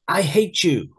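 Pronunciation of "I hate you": In 'hate you', the t and the y sound combine into a ch sound.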